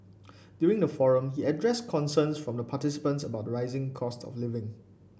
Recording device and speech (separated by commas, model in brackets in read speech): boundary microphone (BM630), read sentence